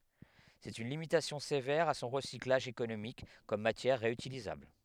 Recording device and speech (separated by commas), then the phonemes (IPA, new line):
headset microphone, read sentence
sɛt yn limitasjɔ̃ sevɛʁ a sɔ̃ ʁəsiklaʒ ekonomik kɔm matjɛʁ ʁeytilizabl